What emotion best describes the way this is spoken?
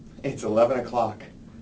neutral